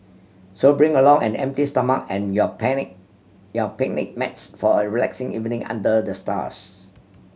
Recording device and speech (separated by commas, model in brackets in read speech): mobile phone (Samsung C7100), read sentence